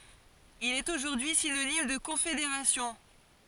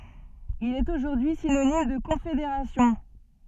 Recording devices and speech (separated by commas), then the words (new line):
forehead accelerometer, soft in-ear microphone, read sentence
Il est aujourd'hui synonyme de confédération.